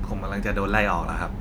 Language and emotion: Thai, frustrated